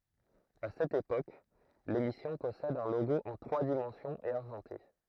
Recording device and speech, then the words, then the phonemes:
throat microphone, read sentence
À cette époque, l'émission possède un logo en trois dimensions et argenté.
a sɛt epok lemisjɔ̃ pɔsɛd œ̃ loɡo ɑ̃ tʁwa dimɑ̃sjɔ̃z e aʁʒɑ̃te

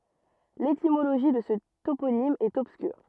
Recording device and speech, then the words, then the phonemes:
rigid in-ear microphone, read sentence
L'étymologie de ce toponyme est obscure.
letimoloʒi də sə toponim ɛt ɔbskyʁ

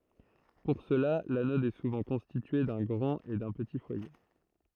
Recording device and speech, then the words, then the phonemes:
throat microphone, read sentence
Pour cela, l'anode est souvent constituée d'un grand et d'un petit foyer.
puʁ səla lanɔd ɛ suvɑ̃ kɔ̃stitye dœ̃ ɡʁɑ̃t e dœ̃ pəti fwaje

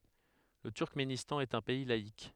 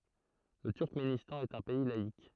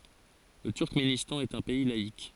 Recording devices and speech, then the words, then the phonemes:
headset microphone, throat microphone, forehead accelerometer, read sentence
Le Turkménistan est un pays laïc.
lə tyʁkmenistɑ̃ ɛt œ̃ pɛi laik

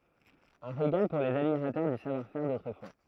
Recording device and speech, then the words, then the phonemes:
throat microphone, read sentence
Un régal pour les admirateurs du savoir-faire d'autrefois.
œ̃ ʁeɡal puʁ lez admiʁatœʁ dy savwaʁfɛʁ dotʁəfwa

